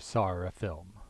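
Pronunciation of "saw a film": In 'saw a film', there is an intrusive R: an R sound is inserted between 'saw' and 'a'.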